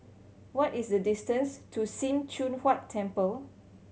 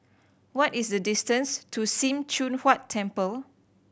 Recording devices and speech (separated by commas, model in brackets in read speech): mobile phone (Samsung C7100), boundary microphone (BM630), read sentence